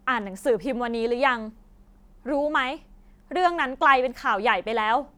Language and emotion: Thai, frustrated